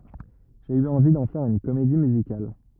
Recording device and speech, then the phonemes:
rigid in-ear microphone, read sentence
ʒe y ɑ̃vi dɑ̃ fɛʁ yn komedi myzikal

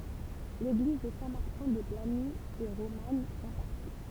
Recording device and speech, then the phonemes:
temple vibration pickup, read sentence
leɡliz də sɛ̃ maʁtɛ̃ də blaɲi ɛ ʁoman ɑ̃ paʁti

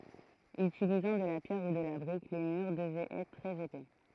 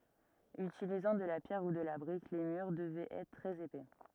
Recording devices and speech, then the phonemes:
throat microphone, rigid in-ear microphone, read sentence
ytilizɑ̃ də la pjɛʁ u də la bʁik le myʁ dəvɛt ɛtʁ tʁɛz epɛ

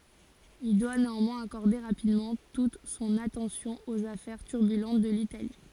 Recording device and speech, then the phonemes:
forehead accelerometer, read sentence
il dwa neɑ̃mwɛ̃z akɔʁde ʁapidmɑ̃ tut sɔ̃n atɑ̃sjɔ̃ oz afɛʁ tyʁbylɑ̃t də litali

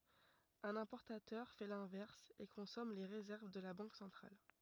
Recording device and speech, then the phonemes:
rigid in-ear microphone, read sentence
œ̃n ɛ̃pɔʁtatœʁ fɛ lɛ̃vɛʁs e kɔ̃sɔm le ʁezɛʁv də la bɑ̃k sɑ̃tʁal

